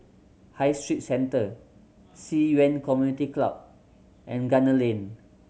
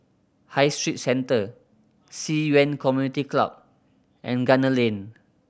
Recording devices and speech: mobile phone (Samsung C7100), boundary microphone (BM630), read sentence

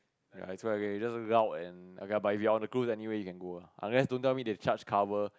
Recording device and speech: close-talking microphone, conversation in the same room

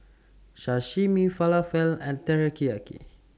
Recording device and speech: standing microphone (AKG C214), read sentence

